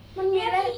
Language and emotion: Thai, neutral